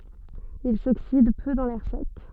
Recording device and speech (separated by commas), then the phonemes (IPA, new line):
soft in-ear microphone, read sentence
il soksid pø dɑ̃ lɛʁ sɛk